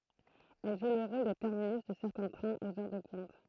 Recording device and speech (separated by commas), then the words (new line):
throat microphone, read sentence
Elle joue le rôle de terminus de certains trains aux heures de pointe.